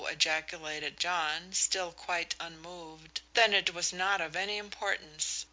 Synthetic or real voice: real